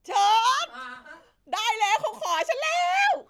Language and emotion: Thai, happy